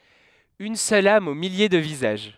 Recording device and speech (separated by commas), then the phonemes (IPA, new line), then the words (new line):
headset microphone, read sentence
yn sœl am o milje də vizaʒ
Une seule âme aux milliers de visages.